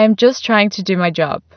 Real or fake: real